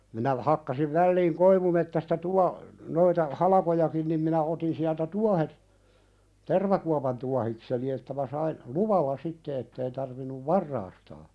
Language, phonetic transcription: Finnish, minä 'hakkasiv 'välliiŋ "koivumettästa 'tua- , noita "halakojakin nim minä 'otin siältä "tuahet , "tervakuapan tuahikseni 'että mä sain , "luvalla 'sitte ettei tarvinnuv "varraastaa .
- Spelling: minä hakkasin väliin koivumetsästä - noita halkojakin niin minä otin sieltä tuohet tervakuopan tuohikseni että minä sain luvalla sitten että ei tarvinnut varastaa

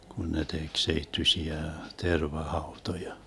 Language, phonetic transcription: Finnish, 'kun ne tek 'seittyśiä , 'terva'hautoja .
- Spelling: kun ne teki seittyisiä tervahautoja

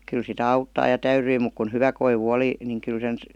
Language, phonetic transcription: Finnish, kyl sitä 'auttaa ja 'täyryi muk kun "hyvä koivu 'oli , niŋ 'kyl sen ,.
- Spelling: kyllä sitä auttaa ja täytyi mutta kun hyvä koivu oli niin kyllä sen

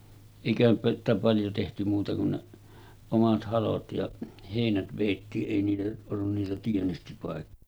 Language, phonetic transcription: Finnish, èikähän sitä paljo tehty muuta kun ne , 'omat 'halot ja 'hèinät vèittii’ '’èi niitä ollun niitä 'tienestipàek- ,.
- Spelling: eikähän sitä paljon tehty muuta kuin ne omat halot ja heinät vedettiin ei niitä ollut niitä -

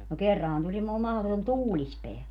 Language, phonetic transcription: Finnish, no "kerrahan tuli (moom) mahoton "tuulispeä .
- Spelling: no kerranhan tuli - mahdoton tuulispää

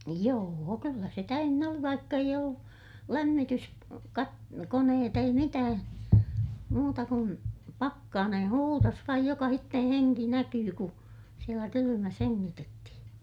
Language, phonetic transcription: Finnish, joo₍o kyllä se täynnä oli vaikka eij ‿ollu , lämmitys- , -kat- , -koneet ‿ei mitää , muuta kun , pakkaanen (huurus) vaij jokahitten heŋki näkyy ku , sielä kylymäs heŋŋitettihiḭ .
- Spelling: joo kyllä se täynnä oli vaikka ei ollut - - lämmityskoneet ei mitään muuta kuin pakkanen huurusi vain jokaisen henki näkyi kun siellä kylmässä hengitettiin

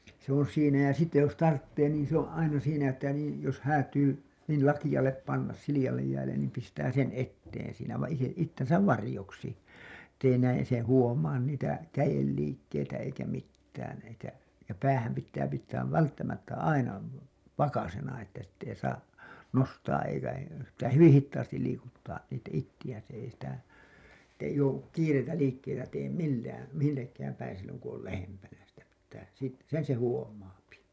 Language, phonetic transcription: Finnish, se ‿on̬ 'siinä ja sitte jos "tarttee niin se ‿oo̰ "’aina siinä että niin̬ , jos 'häätyy , niil 'lakiʲallep 'panna , siliʲa§llej jäällen niim pistää sen '’etteen siinä va- , ite- , 'ittensäv "varĭjoksi , Ettei näin , se huomaan niitä "käjelliikkeitä eikä 'mittään eikä , ja "päähäm pittää pittääv 'välttämättä 'aina , 'vakasena että sitt ‿ei 'saa , 'nostaa'’eikä hei[luttaa] , se pittää "hyvin̬ 'hittaastil 'liikuttaa 'it- , ittijä̀n s ‿ei sitä , ᵉttei jouwu , 'kiireitä 'liikkeitä teem "millään̬ , 'millekkääm päin silloŋ ku ‿ol "lähempänä sitä pittää , sit- , 'sen se "huom̀aapi .
- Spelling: se on siinä ja sitten jos tarvitsee niin se on aina siinä että niin jos häätyy niin lakealle panna sileälle jäälle niin pistää sen eteen siinä - - itsensä varjoksi että ei näin se huomaa niitä kädenliikkeitä eikä mitään eikä ja päähän pitää pitää välttämättä aina vakaisena että sitten ei saa nostaa eikä heiluttaa se pitää hyvin hitaasti liikuttaa - itseään se ei sitä että ei joudu kiireitä liikkeitä tee millään millekään päin silloin kun on lähempänä sitä pitää - sen se huomaa

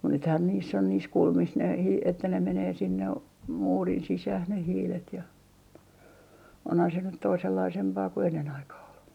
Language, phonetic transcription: Finnish, mut 'nythään niiss ‿on niis 'kulmis ne hii- , että ne 'menee 'sinne , 'muurin "sisäh ne 'hiilet ja , onhan se nyt 'toisellaisempaa ku 'ennen 'aikah ‿ol .
- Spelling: mutta nythän niissä on niissä kulmissa ne - että ne menee sinne muurin sisään ne hiilet ja onhan se nyt toisenlaisempaa kuin ennen aikaan oli

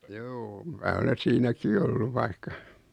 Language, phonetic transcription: Finnish, juu , 'mää ole 'siinäki olluv vaikka ,.
- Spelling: juu minä olen siinäkin ollut vaikka

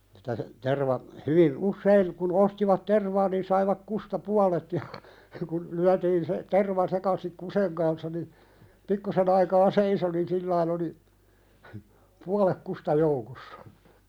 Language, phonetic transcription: Finnish, sitä (se) , terva , 'hyvi , "ussein , kun 'ostivat "tervaa nin saivak "kusta 'pualet ja , kun , 'lyätiin se , 'terva sekasik "kuseŋ kanssa ni , 'pikkusen ‿aikaa "seiso nin "sillain ‿oli , "pualek 'kusta joukossᴀ .
- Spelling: sitä se terva hyvin usein kun ostivat tervaa niin saivat kusta puolet ja kun lyötiin se terva sekaisin kusen kanssa niin pikkusen aikaa seisoi niin sillä tavalla oli puolet kusta joukossa

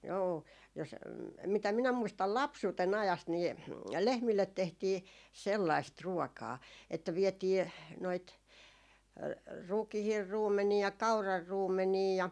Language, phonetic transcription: Finnish, joo , jos , mitä 'minä 'muistal "lapsuuten 'ajast nii , 'lehmillet 'tehtii "sellaist 'ruokaa , että vietii , noit , 'rukihir "ruummeni₍a 'kaurar 'ruummenii ja ,.
- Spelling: joo jos mitä minä muistan lapsuuden ajasta niin lehmille tehtiin sellaista ruokaa että vietiin noita rukiin ruumenia kauran ruumenia ja

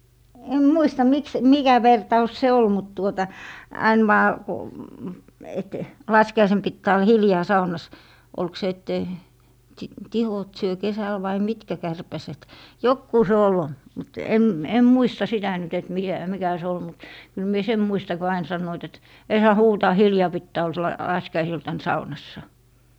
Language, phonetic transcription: Finnish, 'em "muista 'miks , et 'mikä "vertaus se 'ol mut tuota , 'ain vaa ku , et , 'laski₍aisen 'pittää ollᵃ "hiljaa 'saunas , 'olk se ettei , sìt , 'tihot syö 'kesäl vai "mitkä 'kärpäset , 'jokkuu se ol , mut 'em , 'em "muista sitä 'nyt et 'mikä , 'mikä se ol mut , kyl mie "sem 'muista ko ain 'sannoit et » 'ei 'saa "huutaa 'hiljaa 'pittää 'ol se- , l- , 'laskiaisiltan "saunassa » .
- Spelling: en muista miksi että mikä vertaus se oli mutta tuota aina vain kun että laskiaisena pitää olla hiljaa saunassa oliko se että ei sitten tihot syö kesällä vai mitkä kärpäset joku se oli mutta en en muista sitä nyt että mikä mikä se oli mutta kyllä minä sen muistan kun aina sanoivat että ei saa huutaa hiljaa pitää olla - - laskiaisiltana saunassa

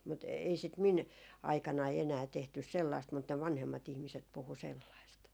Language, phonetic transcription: Finnish, mut 'ei sit 'min , aikanai 'enää tehtys "sellaist mut ne 'vanhemma't ‿ihmiset puhu 'sellaist .
- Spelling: mutta ei sitä minun aikanani enää tehty sellaista mutta ne vanhemmat ihmiset puhui sellaista

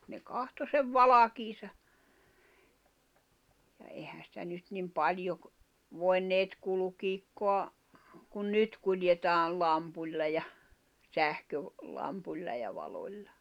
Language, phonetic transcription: Finnish, ne 'kahto sev "valakiisa , ja 'ehä sⁱtä nyt nim "paĺjo ‿k- , 'voi̬nneet 'kulᵘkiikkoa , kun "nyt kuljetaa , 'lampuĺla ja , 'sähköv-₍ -'lampuĺla ja -'valoĺla .
- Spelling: ne katsoi sen valkeansa ja eihän sitä nyt niin paljon - voineet kulkea kuin nyt kuljetaan lampulla ja - sähkölampulla ja valolla

